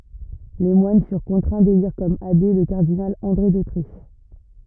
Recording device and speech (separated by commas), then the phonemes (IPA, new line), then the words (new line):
rigid in-ear microphone, read sentence
le mwan fyʁ kɔ̃tʁɛ̃ deliʁ kɔm abe lə kaʁdinal ɑ̃dʁe dotʁiʃ
Les moines furent contraints d'élire comme abbé, le cardinal André d'Autriche.